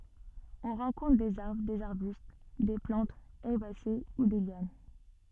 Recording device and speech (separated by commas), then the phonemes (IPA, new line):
soft in-ear microphone, read sentence
ɔ̃ ʁɑ̃kɔ̃tʁ dez aʁbʁ dez aʁbyst de plɑ̃tz ɛʁbase u de ljan